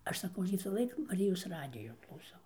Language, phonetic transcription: Lithuanian, ˈaš saˈkau visąˈlaik maˈrijos ˈradijo klauˈsau

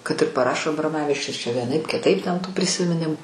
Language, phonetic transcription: Lithuanian, kad ir paˈrašo abroˈmavičius čia vieˈnaip kiˈtaip ten tų prisimiˈnimu

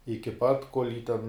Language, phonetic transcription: Lithuanian, iki ˈpat kol' jį ten

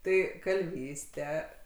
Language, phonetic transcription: Lithuanian, ˈtai kalˈvyste

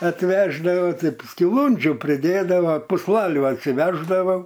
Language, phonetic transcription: Lithuanian, atˈveždavo ˈtai skiˈlondžiu priˈdėdava pūsˈlalių atsiˈveždavo

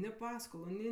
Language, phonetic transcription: Lithuanian, ni ˈpaskolu ˈni

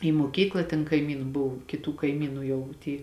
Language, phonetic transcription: Lithuanian, į muoˈkykla ten kaiˈmynu ˈbuv kiˈtų kaiˈmynu ˈjau ˈty

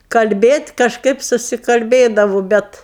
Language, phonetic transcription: Lithuanian, kalˈbėt' kažˈkaip susikalˈbėdavu ˈbet

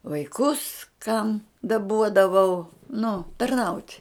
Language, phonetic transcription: Lithuanian, vaiˈkus kam daˈbuodavau nu tarˈnaut'

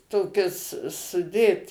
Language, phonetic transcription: Lithuanian, ˈtokis suˈdėt

